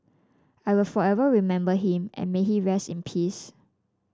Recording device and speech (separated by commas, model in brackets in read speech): standing microphone (AKG C214), read sentence